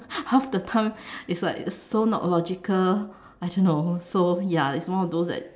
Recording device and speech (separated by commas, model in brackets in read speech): standing microphone, conversation in separate rooms